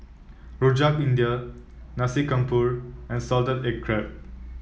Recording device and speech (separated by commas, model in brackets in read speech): mobile phone (iPhone 7), read sentence